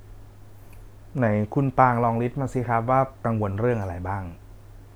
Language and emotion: Thai, neutral